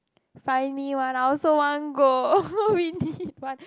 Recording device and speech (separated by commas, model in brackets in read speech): close-talking microphone, conversation in the same room